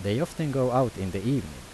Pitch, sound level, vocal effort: 130 Hz, 84 dB SPL, normal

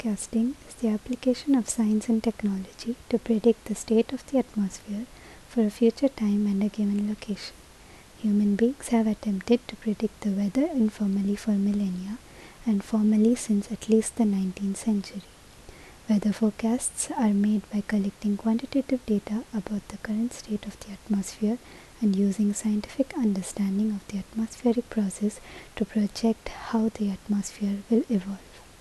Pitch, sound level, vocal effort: 215 Hz, 70 dB SPL, soft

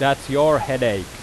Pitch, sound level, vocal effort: 135 Hz, 93 dB SPL, very loud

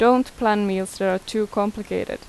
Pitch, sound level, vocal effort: 210 Hz, 85 dB SPL, normal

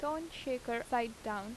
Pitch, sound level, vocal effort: 245 Hz, 84 dB SPL, normal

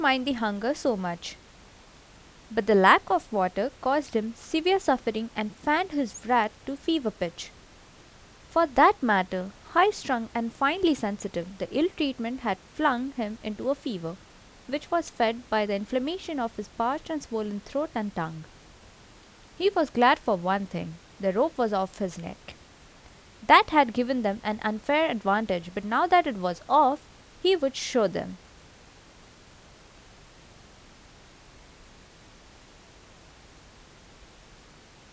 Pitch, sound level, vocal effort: 230 Hz, 81 dB SPL, normal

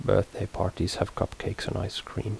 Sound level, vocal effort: 71 dB SPL, soft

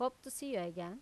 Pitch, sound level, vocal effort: 255 Hz, 86 dB SPL, normal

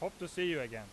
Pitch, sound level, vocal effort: 175 Hz, 95 dB SPL, very loud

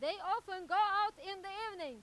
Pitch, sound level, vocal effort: 390 Hz, 106 dB SPL, very loud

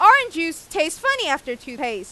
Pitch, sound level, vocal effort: 280 Hz, 100 dB SPL, very loud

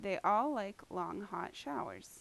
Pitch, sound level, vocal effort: 205 Hz, 85 dB SPL, normal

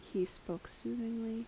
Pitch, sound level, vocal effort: 225 Hz, 73 dB SPL, soft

